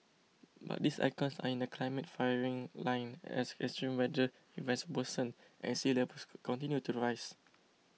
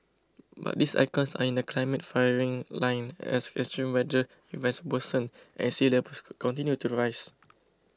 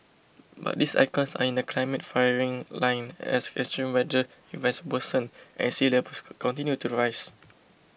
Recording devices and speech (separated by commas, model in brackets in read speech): mobile phone (iPhone 6), close-talking microphone (WH20), boundary microphone (BM630), read sentence